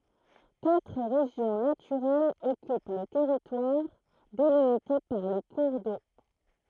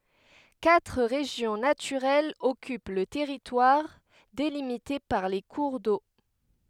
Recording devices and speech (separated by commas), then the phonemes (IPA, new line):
throat microphone, headset microphone, read sentence
katʁ ʁeʒjɔ̃ natyʁɛlz ɔkyp lə tɛʁitwaʁ delimite paʁ le kuʁ do